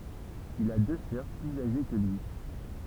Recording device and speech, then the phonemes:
temple vibration pickup, read sentence
il a dø sœʁ plyz aʒe kə lyi

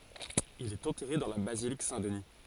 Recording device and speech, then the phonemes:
forehead accelerometer, read sentence
il ɛt ɑ̃tɛʁe dɑ̃ la bazilik sɛ̃tdni

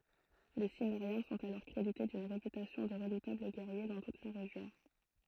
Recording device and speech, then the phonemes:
throat microphone, read sentence
le simmeʁjɛ̃ sɔ̃t alɔʁ kʁedite dyn ʁepytasjɔ̃ də ʁədutabl ɡɛʁje dɑ̃ tut la ʁeʒjɔ̃

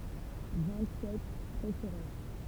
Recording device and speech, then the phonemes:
temple vibration pickup, read sentence
vɛ̃t sɛt pʁokyʁœʁ

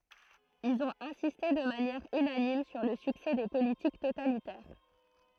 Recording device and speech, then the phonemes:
throat microphone, read sentence
ilz ɔ̃t ɛ̃siste də manjɛʁ ynanim syʁ lə syksɛ de politik totalitɛʁ

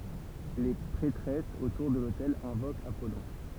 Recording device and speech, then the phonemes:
temple vibration pickup, read sentence
le pʁɛtʁɛsz otuʁ də lotɛl ɛ̃vokt apɔlɔ̃

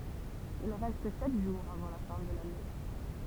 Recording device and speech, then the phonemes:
temple vibration pickup, read sentence
il ʁɛst sɛt ʒuʁz avɑ̃ la fɛ̃ də lane

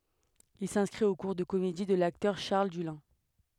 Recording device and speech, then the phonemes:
headset microphone, read sentence
il sɛ̃skʁit o kuʁ də komedi də laktœʁ ʃaʁl dylɛ̃

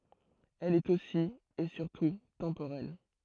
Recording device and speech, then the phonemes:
throat microphone, read sentence
ɛl ɛt osi e syʁtu tɑ̃poʁɛl

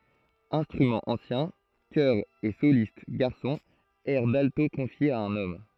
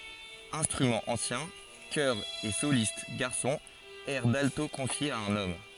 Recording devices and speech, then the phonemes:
throat microphone, forehead accelerometer, read sentence
ɛ̃stʁymɑ̃z ɑ̃sjɛ̃ kœʁz e solist ɡaʁsɔ̃z ɛʁ dalto kɔ̃fjez a œ̃n ɔm

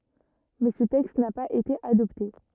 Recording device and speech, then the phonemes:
rigid in-ear microphone, read sentence
mɛ sə tɛkst na paz ete adɔpte

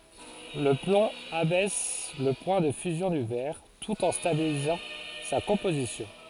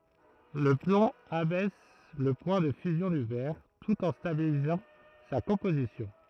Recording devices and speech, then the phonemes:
forehead accelerometer, throat microphone, read sentence
lə plɔ̃ abɛs lə pwɛ̃ də fyzjɔ̃ dy vɛʁ tut ɑ̃ stabilizɑ̃ sa kɔ̃pozisjɔ̃

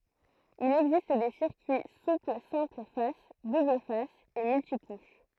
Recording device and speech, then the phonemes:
throat microphone, read sentence
il ɛɡzist de siʁkyi supl sɛ̃pl fas dubl fas e myltikuʃ

